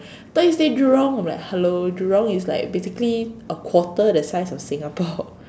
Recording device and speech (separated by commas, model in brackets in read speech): standing microphone, conversation in separate rooms